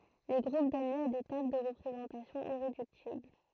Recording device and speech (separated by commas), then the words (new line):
throat microphone, read sentence
Les groupes donnent lieu à des tables de représentation irréductibles.